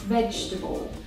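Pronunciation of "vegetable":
'Vegetable' is said with only three syllables; the second syllable completely disappears.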